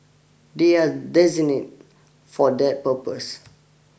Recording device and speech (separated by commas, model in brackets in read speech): boundary microphone (BM630), read sentence